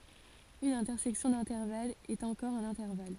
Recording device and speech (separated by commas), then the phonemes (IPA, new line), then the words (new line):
forehead accelerometer, read sentence
yn ɛ̃tɛʁsɛksjɔ̃ dɛ̃tɛʁvalz ɛt ɑ̃kɔʁ œ̃n ɛ̃tɛʁval
Une intersection d'intervalles est encore un intervalle.